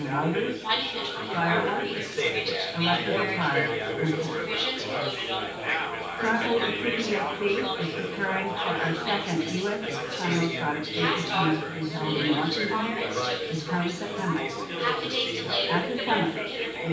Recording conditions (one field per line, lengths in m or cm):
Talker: one person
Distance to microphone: 9.8 m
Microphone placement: far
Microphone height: 1.8 m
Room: large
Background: babble